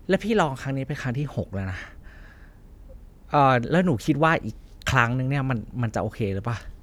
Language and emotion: Thai, frustrated